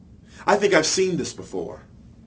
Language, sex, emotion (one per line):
English
male
fearful